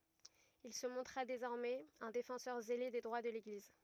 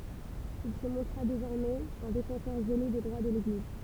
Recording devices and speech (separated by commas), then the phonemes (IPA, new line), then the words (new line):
rigid in-ear microphone, temple vibration pickup, read sentence
il sə mɔ̃tʁa dezɔʁmɛz œ̃ defɑ̃sœʁ zele de dʁwa də leɡliz
Il se montra désormais un défenseur zélé des droits de l'Église.